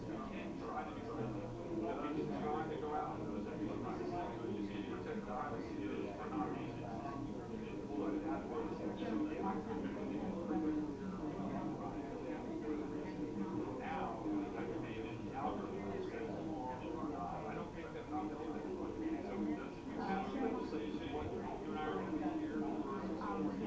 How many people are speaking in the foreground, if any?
No one.